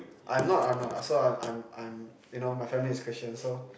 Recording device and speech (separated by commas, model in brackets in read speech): boundary microphone, conversation in the same room